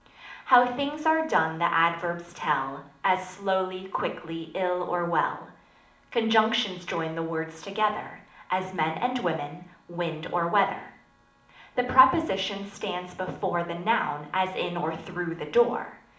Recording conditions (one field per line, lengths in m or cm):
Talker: one person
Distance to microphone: 2.0 m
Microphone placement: close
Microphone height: 99 cm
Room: medium-sized (5.7 m by 4.0 m)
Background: none